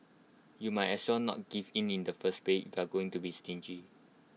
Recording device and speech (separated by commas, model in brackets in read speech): mobile phone (iPhone 6), read sentence